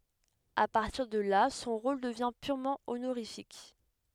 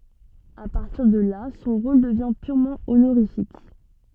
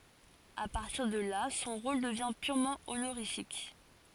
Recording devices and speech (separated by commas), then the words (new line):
headset microphone, soft in-ear microphone, forehead accelerometer, read sentence
À partir de là, son rôle devient purement honorifique.